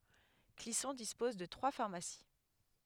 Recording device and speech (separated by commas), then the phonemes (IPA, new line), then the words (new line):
headset microphone, read sentence
klisɔ̃ dispɔz də tʁwa faʁmasi
Clisson dispose de trois pharmacies.